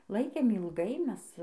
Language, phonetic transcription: Lithuanian, ˈlaikėm ilˈgai ˈmes

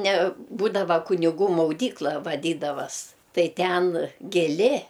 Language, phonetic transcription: Lithuanian, ne ˈbūdava kuniˈgų mauˈdykla vaˈdydavas ˈtai ˈten giˈli

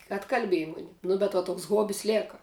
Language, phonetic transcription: Lithuanian, atkalˈbėji ˈmuni ˈnu bet va ˈtoks ˈhobis ˈlėka

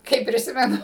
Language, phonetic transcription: Lithuanian, ˈkaip priˈsimenu

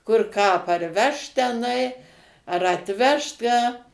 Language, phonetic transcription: Lithuanian, kur ką a parˈvešt teˈnai ar atˈvešt ˈką

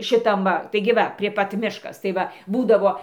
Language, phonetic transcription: Lithuanian, šiˈtam va taigi ˈva prie ˈpat ˈmiškas tai ˈva ˈbūdavo

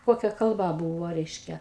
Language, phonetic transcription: Lithuanian, ˈkokia kalˈba ˈbūvo ˈreiškia

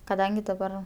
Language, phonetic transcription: Lithuanian, kaˈdangi daˈbar

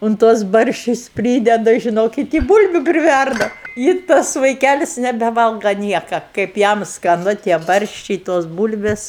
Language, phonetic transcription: Lithuanian, un ˈtuos ˈbarščius ˈprydeda žiˈnokit i ˈbūlbiu priˈværda i ˈtas vaiˈkælis nebeˈvalga ˈnieka kaip ˈjam skaˈnu tie ˈbarščiai tos ˈbūlvės

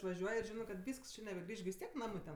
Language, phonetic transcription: Lithuanian, išvaˈžiuoj ir ˈžinɜ kad ˈvysks ˈči nebeˈgrįš gi vis ˈtiek ˈnamɜ ten

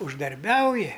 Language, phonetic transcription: Lithuanian, uždarˈbiauji

